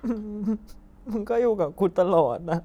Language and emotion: Thai, sad